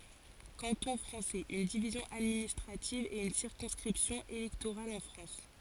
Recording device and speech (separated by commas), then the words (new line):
forehead accelerometer, read sentence
Canton français, une division administrative et une circonscription électorale en France.